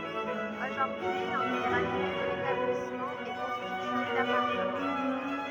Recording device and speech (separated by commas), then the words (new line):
rigid in-ear microphone, read sentence
Aujourd'hui l'intégralité de l'établissement est constitué d'appartements.